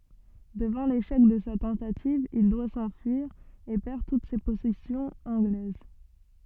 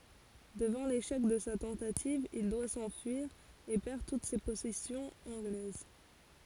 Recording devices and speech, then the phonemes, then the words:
soft in-ear microphone, forehead accelerometer, read sentence
dəvɑ̃ leʃɛk də sa tɑ̃tativ il dwa sɑ̃fyiʁ e pɛʁ tut se pɔsɛsjɔ̃z ɑ̃ɡlɛz
Devant l'échec de sa tentative, il doit s'enfuir, et perd toutes ses possessions anglaises.

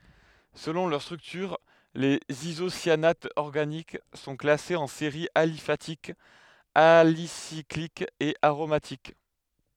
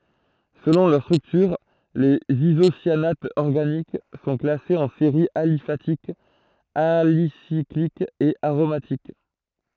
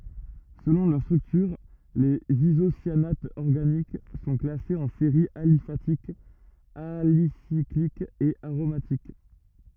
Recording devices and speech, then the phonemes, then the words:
headset microphone, throat microphone, rigid in-ear microphone, read sentence
səlɔ̃ lœʁ stʁyktyʁ lez izosjanatz ɔʁɡanik sɔ̃ klasez ɑ̃ seʁiz alifatikz alisiklikz e aʁomatik
Selon leur structure, les isocyanates organiques sont classés en séries aliphatiques, alicycliques et aromatiques.

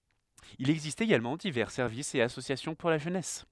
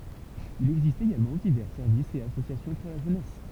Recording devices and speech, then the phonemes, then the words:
headset microphone, temple vibration pickup, read sentence
il ɛɡzist eɡalmɑ̃ divɛʁ sɛʁvisz e asosjasjɔ̃ puʁ la ʒønɛs
Il existe également divers services et associations pour la jeunesse.

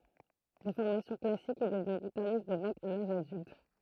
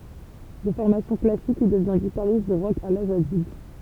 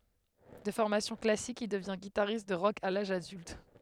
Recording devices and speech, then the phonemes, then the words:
throat microphone, temple vibration pickup, headset microphone, read sentence
də fɔʁmasjɔ̃ klasik il dəvjɛ̃ ɡitaʁist də ʁɔk a laʒ adylt
De formation classique, il devient guitariste de rock à l'âge adulte.

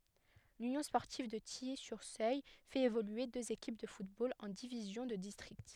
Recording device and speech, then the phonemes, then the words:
headset microphone, read sentence
lynjɔ̃ spɔʁtiv də tiji syʁ søl fɛt evolye døz ekip də futbol ɑ̃ divizjɔ̃ də distʁikt
L'Union sportive de Tilly-sur-Seulles fait évoluer deux équipes de football en divisions de district.

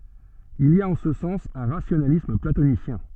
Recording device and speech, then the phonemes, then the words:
soft in-ear microphone, read sentence
il i a ɑ̃ sə sɑ̃s œ̃ ʁasjonalism platonisjɛ̃
Il y a en ce sens un rationalisme platonicien.

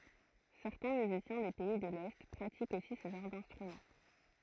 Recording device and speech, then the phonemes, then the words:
throat microphone, read sentence
sɛʁtɛ̃ myzisjɛ̃ de pɛi də lɛ pʁatikt osi sə ʒɑ̃ʁ dɛ̃stʁymɑ̃
Certains musiciens des pays de l'Est pratiquent aussi ce genre d'instrument.

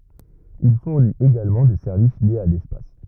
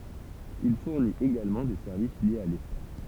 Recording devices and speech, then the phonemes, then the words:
rigid in-ear microphone, temple vibration pickup, read sentence
il fuʁnit eɡalmɑ̃ de sɛʁvis ljez a lɛspas
Il fournit également des services liés à l’espace.

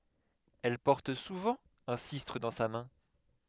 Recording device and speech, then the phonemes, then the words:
headset microphone, read sentence
ɛl pɔʁt suvɑ̃ œ̃ sistʁ dɑ̃ sa mɛ̃
Elle porte souvent un sistre dans sa main.

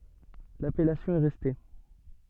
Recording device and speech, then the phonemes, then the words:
soft in-ear microphone, read sentence
lapɛlasjɔ̃ ɛ ʁɛste
L'appellation est restée.

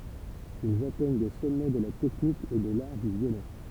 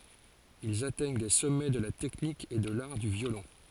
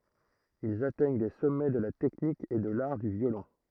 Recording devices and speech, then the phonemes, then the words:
temple vibration pickup, forehead accelerometer, throat microphone, read sentence
ilz atɛɲ de sɔmɛ də la tɛknik e də laʁ dy vjolɔ̃
Ils atteignent des sommets de la technique et de l'art du violon.

